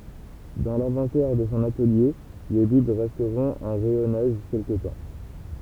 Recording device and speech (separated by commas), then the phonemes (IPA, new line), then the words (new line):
temple vibration pickup, read sentence
dɑ̃ lɛ̃vɑ̃tɛʁ də sɔ̃ atəlje le bibl ʁɛstʁɔ̃t ɑ̃ ʁɛjɔnaʒ kɛlkə tɑ̃
Dans l’inventaire de son atelier, les bibles resteront en rayonnage quelque temps.